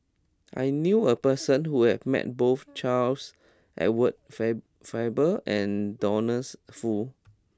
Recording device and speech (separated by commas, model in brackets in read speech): close-talking microphone (WH20), read sentence